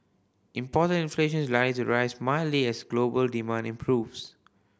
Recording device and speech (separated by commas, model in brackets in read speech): boundary microphone (BM630), read sentence